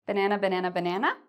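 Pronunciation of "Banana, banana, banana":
'Banana, banana, banana' is said as a yes-no question, with the voice going up at the end.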